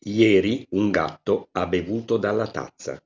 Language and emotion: Italian, neutral